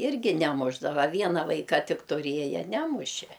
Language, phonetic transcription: Lithuanian, ˈirgi neˈmušdava ˈviena ˈvaika ˈtik tuˈrieje ˈnemušė

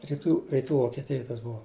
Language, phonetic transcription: Lithuanian, riˈtų riˈtų vokeˈtijoj tas ˈbuva

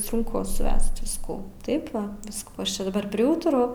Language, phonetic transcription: Lithuanian, sunˈku suˈvesti visˈkų ˈtaip ˈva ˈviskų ˈaš ˈčia daˈbar priˈūturau

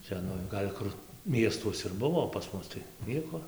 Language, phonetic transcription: Lithuanian, ˈcia nu ˈgal' kur ˈmiestuos ir ˈbuvo o pas ˈmus tai ˈnieko

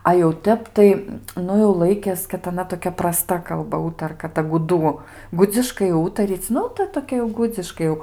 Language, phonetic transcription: Lithuanian, a jau ˈtep tai ˈnu jau ˈlaikės kad aˈna toˈkia praˈsta kalˈba ˈūtarka ˈta guˈdų ˈgudziškai ˈūtaryc' ˈnu ta toˈkia jau ˈgudziškai jau

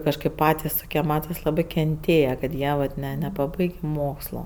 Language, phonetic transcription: Lithuanian, kažˈkaip ˈpatis ˈtokie ˈmatas ˈlabɜ kenˈtėja kad ˈjie vat ˈne nepaˈbaigė ˈmokslo

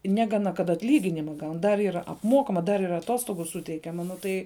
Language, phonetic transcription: Lithuanian, ˈnegana kad atˈlyginima ˈgaun dar ˈyr apˈmokama dar ir aˈtostogu ˈsuteikiama ˈnu tai

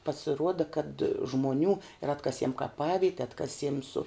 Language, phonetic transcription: Lithuanian, pasiˈruoda kad žmoˈnių ir ˈatkasiem kaˈpavite ˈatkasiem su

